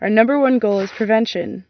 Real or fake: real